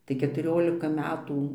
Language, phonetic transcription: Lithuanian, tai ketuˈriolika ˈmetų

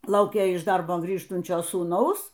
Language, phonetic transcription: Lithuanian, ˈlaukė iš ˈdarbo ˈgrįžtunčio sūˈnaus

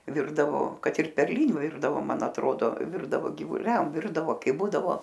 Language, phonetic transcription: Lithuanian, ˈvirdavo ˈkad ir perˈliniu ˈvirdavo ˈman atˈrodo ˈvirdavo givuˈliam ˈvirdavo ˈkai ˈbūdavo

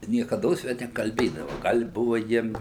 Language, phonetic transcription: Lithuanian, niekaˈdos ˈve nekalˈbėdava ˈgal' i ˈbuva ˈjiem

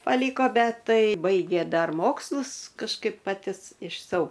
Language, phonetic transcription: Lithuanian, paˈlyko ˈbet ˈtai ˈbaigė ˈdar ˈmokslus kažˈkaip paˈti iš sau

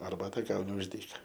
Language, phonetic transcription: Lithuanian, arˈbata ˈgauni už ˈdyka

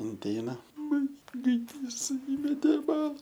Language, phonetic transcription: Lithuanian, inˈteina ˈman gaiˈdys ˈįmetė i ˈbala

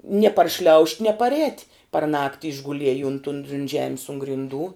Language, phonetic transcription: Lithuanian, nie parˈšliaušt' nie parˈēt' par ˈnakti išguˈliej unt un unt ˈžemis un grinˈdų

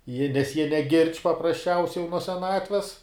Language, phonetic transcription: Lithuanian, jie nes jie neˈgirdž' paprasˈčiausiai jau nuo seˈnatves

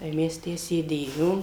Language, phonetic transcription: Lithuanian, tai ˈmes ˈtę sėˈdėjom

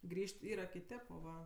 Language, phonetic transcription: Lithuanian, ˈgrįž't' ˈyra kiˈtėp o ˈva

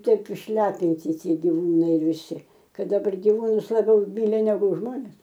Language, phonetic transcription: Lithuanian, ˈtaip išˈlepinti ˈtie giˈvūnai viˈsi ˈkad daˈbar giˈvūnus laˈbiauˈmyli neˈgu ˈžmones

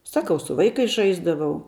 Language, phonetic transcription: Lithuanian, ˈsakau su ˈvaikais ˈžaisdavau

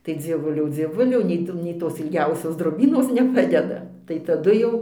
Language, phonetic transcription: Lithuanian, tai dzieˈvuliau dzieˈvuliau nei ˈtų nei ˈtos ilˈgiausios droˈbynos neˈpadeda tai taˈdu jau

